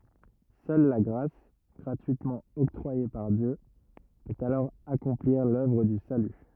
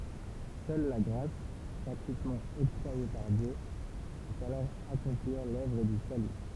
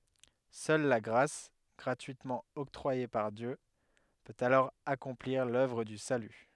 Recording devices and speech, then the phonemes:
rigid in-ear microphone, temple vibration pickup, headset microphone, read sentence
sœl la ɡʁas ɡʁatyitmɑ̃ ɔktʁwaje paʁ djø pøt alɔʁ akɔ̃pliʁ lœvʁ dy saly

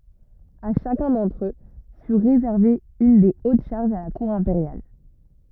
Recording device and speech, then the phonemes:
rigid in-ear microphone, read sentence
a ʃakœ̃ dɑ̃tʁ ø fy ʁezɛʁve yn de ot ʃaʁʒz a la kuʁ ɛ̃peʁjal

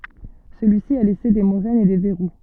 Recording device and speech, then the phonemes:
soft in-ear microphone, read sentence
səlyisi a lɛse de moʁɛnz e de vɛʁu

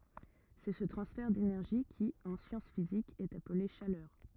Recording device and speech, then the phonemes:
rigid in-ear microphone, read sentence
sɛ sə tʁɑ̃sfɛʁ denɛʁʒi ki ɑ̃ sjɑ̃s fizikz ɛt aple ʃalœʁ

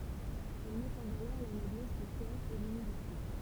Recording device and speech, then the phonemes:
temple vibration pickup, read sentence
il mɛt ɑ̃ valœʁ la nɔblɛs də kœʁ e lymilite

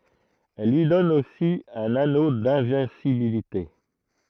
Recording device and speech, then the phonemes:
throat microphone, read sentence
ɛl lyi dɔn osi œ̃n ano dɛ̃vɛ̃sibilite

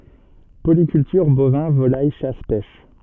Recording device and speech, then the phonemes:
soft in-ear microphone, read sentence
polikyltyʁ bovɛ̃ volaj ʃas pɛʃ

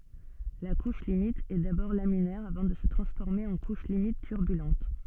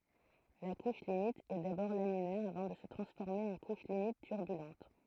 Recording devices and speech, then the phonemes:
soft in-ear microphone, throat microphone, read sentence
la kuʃ limit ɛ dabɔʁ laminɛʁ avɑ̃ də sə tʁɑ̃sfɔʁme ɑ̃ kuʃ limit tyʁbylɑ̃t

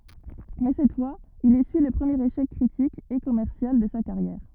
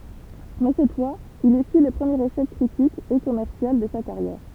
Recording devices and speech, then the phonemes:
rigid in-ear microphone, temple vibration pickup, read sentence
mɛ sɛt fwaz il esyi lə pʁəmjeʁ eʃɛk kʁitik e kɔmɛʁsjal də sa kaʁjɛʁ

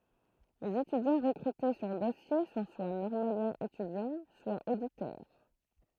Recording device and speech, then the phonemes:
throat microphone, read sentence
lez etydjɑ̃ ʁəkʁyte syʁ dɔsje sɔ̃ swa nɔʁmaljɛ̃z etydjɑ̃ swa oditœʁ

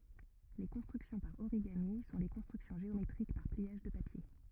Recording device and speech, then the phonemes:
rigid in-ear microphone, read sentence
le kɔ̃stʁyksjɔ̃ paʁ oʁiɡami sɔ̃ le kɔ̃stʁyksjɔ̃ ʒeometʁik paʁ pliaʒ də papje

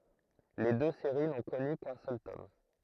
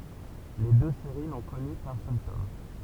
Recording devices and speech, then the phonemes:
throat microphone, temple vibration pickup, read sentence
le dø seʁi nɔ̃ kɔny kœ̃ sœl tɔm

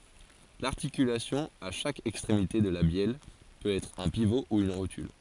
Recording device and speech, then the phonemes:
forehead accelerometer, read sentence
laʁtikylasjɔ̃ a ʃak ɛkstʁemite də la bjɛl pøt ɛtʁ œ̃ pivo u yn ʁotyl

